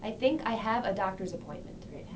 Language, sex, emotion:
English, female, neutral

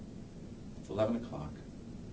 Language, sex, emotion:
English, male, neutral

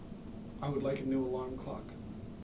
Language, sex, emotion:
English, male, neutral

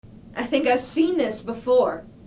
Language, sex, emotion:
English, female, neutral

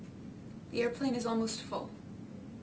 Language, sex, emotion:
English, female, neutral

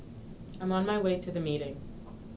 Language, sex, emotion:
English, female, neutral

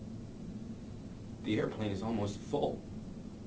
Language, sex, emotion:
English, male, neutral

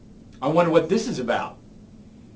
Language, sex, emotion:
English, male, disgusted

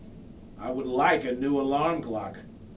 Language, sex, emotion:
English, male, angry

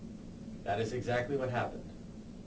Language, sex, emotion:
English, male, neutral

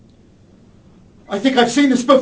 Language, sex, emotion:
English, male, fearful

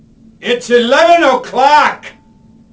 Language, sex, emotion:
English, male, angry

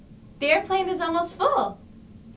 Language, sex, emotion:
English, female, happy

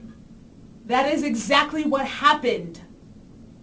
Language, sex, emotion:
English, female, angry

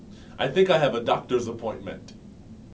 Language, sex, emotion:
English, male, neutral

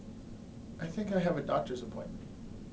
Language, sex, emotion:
English, male, neutral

